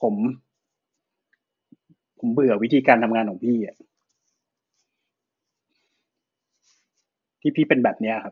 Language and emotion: Thai, frustrated